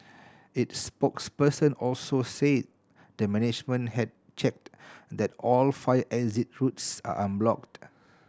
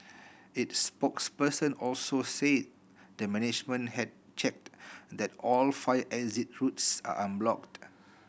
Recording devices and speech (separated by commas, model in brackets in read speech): standing microphone (AKG C214), boundary microphone (BM630), read sentence